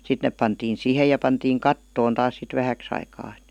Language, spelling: Finnish, sitten ne pantiin siihen ja pantiin kattoon taas sitten vähäksi aikaa että
- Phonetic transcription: 'sit nep pantiin̬ 'sìhej ja pantiiŋ "kattoon 'taas sit "vähäks ‿aikaa ᵉt .

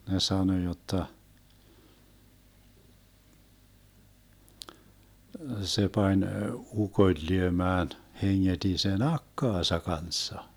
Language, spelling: Finnish, ne sanoi jotta se pani ukon lyömään hengeti sen akkansa kanssa
- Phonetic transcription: ne 'sano 'jotta , 'se 'pań , "ukoⁱl 'lyömään , 'heŋŋeDi 'sen "akkaasa 'kanssa .

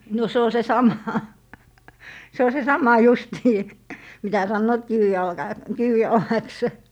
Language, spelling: Finnish, no se on se sama se on se sama justiin mitä sanovat - kivijalaksi
- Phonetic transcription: no 'se o se "sama , 'se o se sama 'justii , mitä 'sannoot "kiwijalka- , "kiwijalaks .

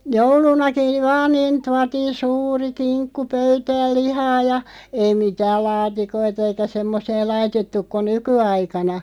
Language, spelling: Finnish, joulunakin vaan niin tuotiin suuri kinkku pöytään lihaa ja ei mitään laatikoita eikä semmoisia laitettu kuin nykyaikana
- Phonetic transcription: joulunaki , 'vaaⁿ niin 'tuatiin̬ "suuri 'kiŋkku "pöytääˡ 'lihaa ja , 'ei 'mitääl "laatikoita eikä "semmos(i₍a) 'laitettuk ko "nyky₍'aikana .

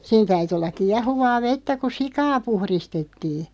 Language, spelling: Finnish, siinä täytyi olla kiehuvaa vettä kun sikaa puhdistettiin
- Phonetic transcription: 'sin täyty ollaᵏ 'kiahuvaa "vettä ku "sikaa 'puhristettii .

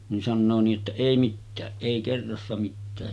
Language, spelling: Finnish, niin sanoo niin että ei mitään ei kerrassa mitään
- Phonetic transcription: nin 'sannoo nii’ ’että » 'èi mittääˀ 'ˀèi 'kerrassa mittää .

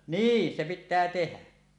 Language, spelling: Finnish, niin se pitää tehdä
- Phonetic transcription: niin 'se 'pittää 'tehä .

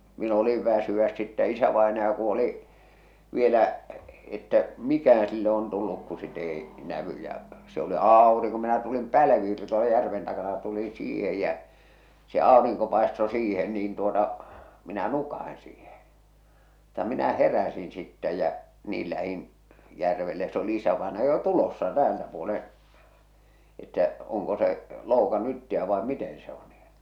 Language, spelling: Finnish, minä olin väsyä sitten isävainaja kun oli vielä että mikähän sille on tullut kun sitä ei näy ja se oli aurinko minä tulin pälvi oli tuolla järven takana ja tulin siihen ja se aurinko paistoi siihen niin tuota minä nukahdin siihen mutta minä heräsin sitten ja niin lähdin järvelle ja se oli isävainaja jo tulossa täältä puolen että onko se loukannut itsensä vai miten se on niin
- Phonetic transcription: min ‿oliv 'väsy₍äs sittä 'isävaenaja ku oli’ , vielä’ , että , "mikähää̰ sille on tulluk ku sit ‿ei , 'nävy ja , se oli "aaoriŋko minä tulim 'pälvi oli tuola järven takana (ja) tulin̬ "siihej jä , se 'àoriŋko pàesto 'siihen niin tuota , minä 'nukaʰin siihe , mutta minä 'heräsin sittɛ jä , 'niil lähin , 'järvelle ja s ‿oli 'isävaenaja jo "tulossa 'täältä puoleḛ , että , oŋko se , 'loukannu itti₍ä vae 'miten se o nii .

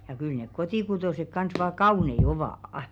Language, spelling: Finnish, ja kyllä ne kotikutoiset kanssa vain kauniita ovat
- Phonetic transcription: ja kyl nek 'kotìkutòsek kans vaa "kaùnei 'ovà’ .

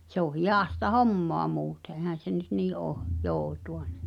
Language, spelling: Finnish, se on hidasta hommaa muuten eihän se nyt niin ole joutua niin
- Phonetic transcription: se ‿o "hijàsta "hommoa muute ehän̬ se nyt 'nii ’oo , "jootu₍a (ɴɪ̬) .

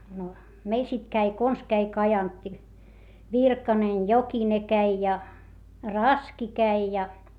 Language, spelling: Finnish, no meillä sitten kävi konsa kävi Kajantti Virkanen Jokinen kävi ja Raski kävi ja
- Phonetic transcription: no , meil sit käi kons käi Kajantti , Virkanen , Jokine käi ja , Raski käi ja .

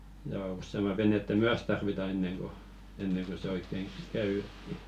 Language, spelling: Finnish, ja useamman venettä myös tarvitaan ennen kuin ennen kuin se oikein käy eteen
- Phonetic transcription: ja 'ussema "venettä "myäs tarvita enneŋ ɢo , enneŋ ɢo se 'oikkeŋ "käy etti .

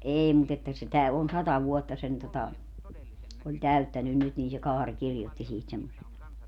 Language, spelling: Finnish, ei mutta että sitä on sata vuotta sen tuota oli täyttänyt nyt niin se Kaari kirjoitti siitä semmoisen
- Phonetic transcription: 'eei mut ‿että sitä on "sata 'vuotta sen tota , oĺ "täyttänyn nyt niin se "Kaaŕ "kirjotti 'siit semmosen .

